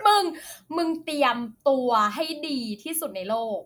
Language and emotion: Thai, happy